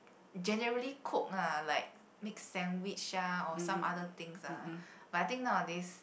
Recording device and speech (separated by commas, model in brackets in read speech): boundary microphone, conversation in the same room